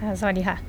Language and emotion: Thai, neutral